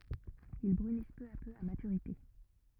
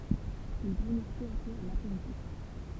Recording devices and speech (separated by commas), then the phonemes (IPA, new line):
rigid in-ear microphone, temple vibration pickup, read sentence
il bʁynis pø a pø a matyʁite